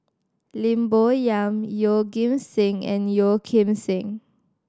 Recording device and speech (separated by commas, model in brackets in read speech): standing microphone (AKG C214), read sentence